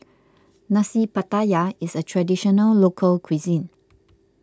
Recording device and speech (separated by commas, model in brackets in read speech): close-talking microphone (WH20), read sentence